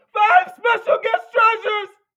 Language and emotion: English, fearful